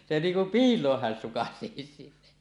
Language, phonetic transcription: Finnish, se 'niiŋ kum "piil̀ooh hän sukasèisi .
- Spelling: se niin kuin piiloon hän sukaisisi

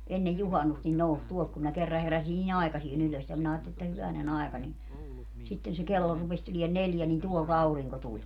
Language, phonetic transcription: Finnish, 'ennej "juhannust nin 'nous 'tuolt kum minä 'kerra 'heräsin ni"n ‿aikasie'n ‿ylös ja minä aatteli että 'hyväne'n ‿aeka ni , 'sitten se 'kello rupes tulien 'neljä nin 'tuol"t ‿auriŋko 'tuĺ .
- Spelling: ennen juhannusta niin nousi tuolta kun minä kerran heräsin niin aikaiseen ylös ja minä ajattelin että hyvänen aika niin sitten se kello rupesi tulemaan neljä niin tuolta aurinko tuli

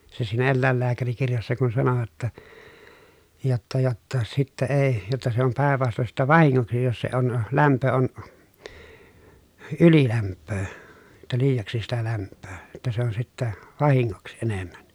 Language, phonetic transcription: Finnish, se siinä ellä̀ellääkärikirjassa kun sanovat ‿ta , jotta jotta , » sittä ee , jotta se om pä̀ev vaston sittä vahiŋŋoksi jos se on , lämpö on , ylilämppöö , [jot]ta liijaksi sitä lämppöö , [jot]ta se on sittä , vahiŋŋoksⁱ enemmän » .
- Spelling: se siinä eläinlääkärikirjassa kun sanovat jotta jotta jotta sitten ei jotta se on päin vastoin sitten vahingoksi jos se on lämpö on ylilämpöä jotta liiaksi sitä lämpöä jotta se on sitten vahingoksi enemmän

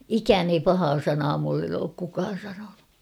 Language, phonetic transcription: Finnish, ikään ‿ei 'pahaa "sanaa mullen ‿ook kukaan̬ sanonu .
- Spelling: ikään ei pahaa sanaa minulle ole kukaan sanonut

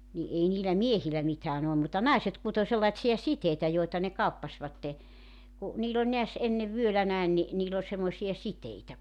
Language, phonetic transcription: Finnish, ni '’ei niilä "miehil̆lä 'mitään ‿ollum mutta "naiset kuto 'sellaⁱtsi₍a "siteitä joita ne 'kauppaśvatte , ku , 'niil ‿oĺ neäs , 'ennev "vyölä näen ni , niil ‿ol semmosi₍a "siteitä .
- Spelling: niin ei niillä miehillä mitään ollut mutta naiset kutoi sellaisia siteitä joita ne kauppasivat kun niillä oli näet ennen vyöllä näin niin niillä oli semmoisia siteitä

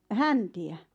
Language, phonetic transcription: Finnish, hänti₍ä .
- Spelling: häntiä

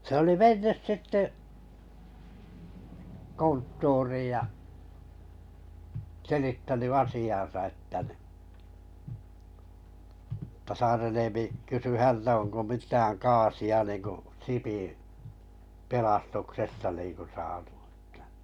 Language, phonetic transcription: Finnish, se oli "mennys "sitte , 'konttuuriij ja , selittäny 'asi₍an̬sa että nⁱ , [et]tᵃ 'Saaren 'Eemi kysy 'hältä onko 'mittääŋ 'kaasi₍a niiŋku , 'Sipiⁱ̰ , 'pelastuksesta niiŋku (sᴀᴀtᴜ ᴇttᴀ̈) .
- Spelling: se oli mennyt sitten konttoriin ja selittänyt asiansa että niin että Saaren Eemi kysyi häneltä onko mitään kaasia niin kuin Sipin pelastuksesta niin kuin saatu että

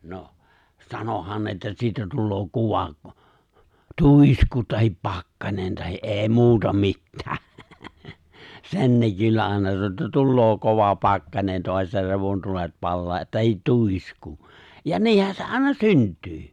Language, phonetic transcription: Finnish, noh , 'sanohan ne että 'siitä 'tulloo 'kuva , "tùisku tahip "pakkanen tahi’ '’e̬e̬ 'muuta "mittää , 'sen ne 'kyllä ài̬na sano että "tulloo 'kova 'pakkanen toas (jo) 'revontulet 'pallaa tahit "tuisku , ja "niihän se 'àina "synt̀yy .
- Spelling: no sanoihan ne että siitä tulee kova tuisku tai pakkanen tai ei muuta mitään sen ne kyllä aina sanoi että tulee kova pakkanen taas jo revontulet palaa tai tuisku ja niinhän se aina syntyy

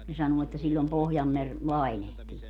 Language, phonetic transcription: Finnish, ne 'sanuu että siĺĺom 'Pohjammer , "lainehtii .
- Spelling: ne sanoo että silloin Pohjanmeri lainehtii

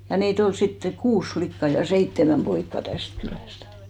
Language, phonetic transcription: Finnish, ja nii't ‿ol 'sitte "kuus 'flikka ja "seittemäm 'poikka 'täst kylästᴀ̈ .
- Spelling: ja niitä oli sitten kuusi likkaa ja seitsemän poikaa tästä kylästä

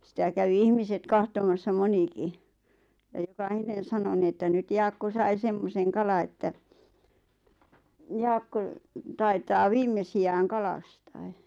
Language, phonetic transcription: Finnish, sⁱtä kävi 'ihmiset'kahtomassa "moniki , ja joka"hinen̬ 'sano ni että » nyt 'Jaakko sai 'semmoseŋ 'kala että , 'Jaakko , taitaa "viimmesi₍ääŋ 'kalastaᴇ « .
- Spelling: sitä kävi ihmiset katsomassa monikin ja jokainen sanoi niin että nyt Jaakko sai semmoisen kalan että Jaakko taitaa viimeisiään kalastaa

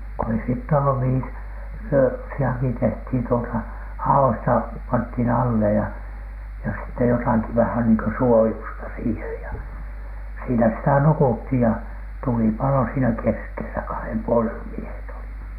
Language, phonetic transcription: Finnish, ko ei sitt ‿ollu 'mihi ‿s- , 'yösi₍aki tehthìn tuota , "ha₍oista , panthìn 'alle ja , jos sitte jotaki vähän niiŋ kö "suojusta sihej ja , siinä sitä 'nukuthìj ja , 'tuli palo siinä keskelä , kahem puolel- , miehet olit .
- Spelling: kun ei sitä ollut mihin - yösijakin tehtiin tuota haoista pantiin alle ja jos sitten jotakin vähän niin kuin suojusta siihen ja siinä sitä nukuttiin ja tuli paloi siinä keskellä kahden puolen miehet olivat

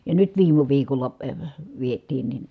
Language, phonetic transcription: Finnish, ja nyt viim̀u viikol̆la , viet̀iin nin ,.
- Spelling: ja nyt viime viikolla vietiin niin

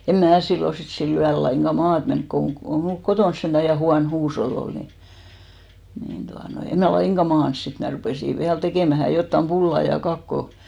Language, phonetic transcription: Finnish, 'em "mää 'sillo sit 'sil'l ‿yäl laiŋɢa "maat 'menk koŋ ɢo- , ko 'mulk "kotons sentä 'ja 'huan "huushol'l ‿ol ni , nin tuanoi , 'em mä "laiŋɢa 'maans sit mä 'rupèsi 'viäl 'tekèmähä jottam "pulla ja 'kakko .
- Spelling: en minä silloin sitten sillä yöllä lainkaan maata mennyt kun - kun minulla kotona sentään ja huono huusholli oli niin niin tuota noin en minä lainkaan maannut sitten minä rupesin vielä tekemään jotakin pullaa ja kakkoa

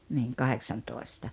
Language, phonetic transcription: Finnish, niiŋ 'kaheksantòesta .
- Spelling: niin kahdeksantoista

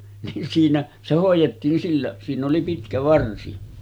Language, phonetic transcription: Finnish, nin siinä , se hòij̆jettiin 'sillä , siinⁿ ‿oli 'pitkä 'varsi .
- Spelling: niin siinä se hoidettiin sillä siinä oli pitkä varsi

